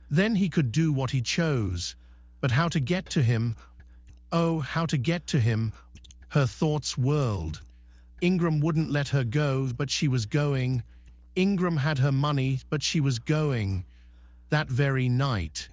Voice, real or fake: fake